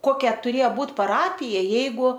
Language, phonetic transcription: Lithuanian, ˈkokia tuˈrėja ˈbūtˈ paˈrapija ˈjeigu

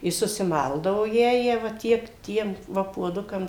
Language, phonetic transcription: Lithuanian, i susiˈmaldavo ˈjąją va ˈtiek ˈtiem ˈva puoˈdukam

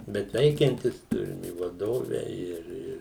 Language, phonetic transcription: Lithuanian, ˈbet ˈveikiantis ˈturim i vaˈdove ir ˈir

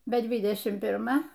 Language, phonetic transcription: Lithuanian, be ˈdvidešim pirˈma

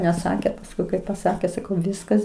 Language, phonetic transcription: Lithuanian, neˈsakė pasˈkui kai paˈsakė saˈkau ˈviskas

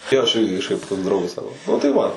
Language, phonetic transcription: Lithuanian, ˈjo aš ˈirgi kažˈkaip toks ˈdraugas ˈsako nu tai ˈva

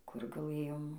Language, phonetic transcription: Lithuanian, kur gaˈlɘjom

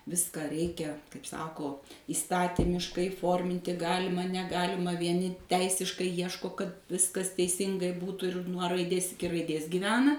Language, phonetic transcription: Lithuanian, ˈviska ˈreikia kaip ˈsako įˈstatimiškai ˈforminti ˈgalima neˈgalima vieˈni ˈteisiškai ˈjieško kad ˈviskas teiˈsingai ˈbūtu ir nuo raiˈdės iˈki raiˈdės giˈvena

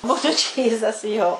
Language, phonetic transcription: Lithuanian, ˈbūtu ˈčyzas jo

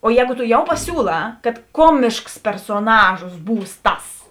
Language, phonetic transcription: Lithuanian, o ˈjēgu to ˈjau paˈsiūlā kad ˈkuomišks persoˈnažos ˈbūs ˈtas

